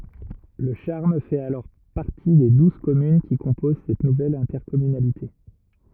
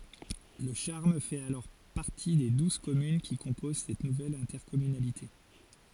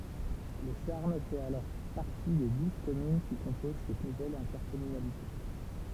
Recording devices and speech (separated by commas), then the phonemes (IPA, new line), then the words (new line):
rigid in-ear microphone, forehead accelerometer, temple vibration pickup, read sentence
lə ʃaʁm fɛt alɔʁ paʁti de duz kɔmyn ki kɔ̃poz sɛt nuvɛl ɛ̃tɛʁkɔmynalite
Le Charme fait alors partie des douze communes qui composent cette nouvelle intercommunalité.